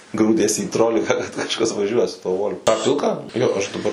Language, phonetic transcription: Lithuanian, ˈgrūdies į ˈtrolika kad kažˈkas vaˈžiuoja su tuo ˈvol' tą ˈpilką ˈjo ˈaš daˈbar

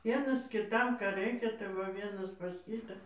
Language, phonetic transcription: Lithuanian, ˈvienas kiˈtam ˈką ˈraikia tai ˈva ˈvienas pas ˈkytą

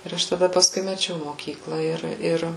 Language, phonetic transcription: Lithuanian, ir ˈaš taˈda pasˈkui meˈčiau moˈkykla ˈir ˈir

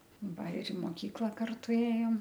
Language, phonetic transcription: Lithuanian, ˈva ir i moˈkykla ˈkartu ˈėjom

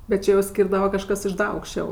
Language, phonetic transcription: Lithuanian, bet ˈčia jau ˈskyrdava kažˈkas iš ˈda aukšˈčiau

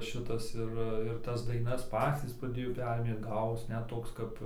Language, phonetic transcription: Lithuanian, ˈšitas ˈir ir ˈtas daiˈnas ˈpacys praˈdėjo ˈperėmė ˈgavos ˈnet ˈtoks ˈkap

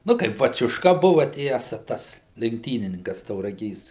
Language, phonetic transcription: Lithuanian, ˈnu tai baciušˈka ˈbuva ˈtiesa ˈtas lenkˈtynininkas tauraˈgės

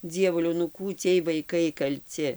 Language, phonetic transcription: Lithuanian, ˈdzievuliau nu ˈkų ˈciej vaiˈkai kalˈci

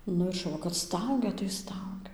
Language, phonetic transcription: Lithuanian, ˈnu ir šuˈva kad ˈstaugia tai ˈstaugia

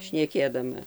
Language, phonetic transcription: Lithuanian, šneˈkėdama

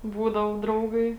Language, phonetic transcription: Lithuanian, ˈbūdavo ˈdraugai

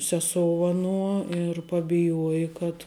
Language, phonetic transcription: Lithuanian, seˈsou aˈnuo ir pabiˈjuoji kad

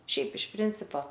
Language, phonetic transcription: Lithuanian, ˈšiaip iš ˈprincipo

